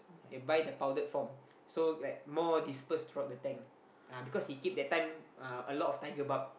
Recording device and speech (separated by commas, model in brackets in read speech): boundary microphone, conversation in the same room